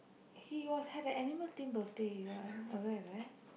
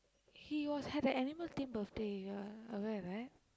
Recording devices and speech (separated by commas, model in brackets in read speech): boundary microphone, close-talking microphone, conversation in the same room